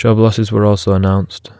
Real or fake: real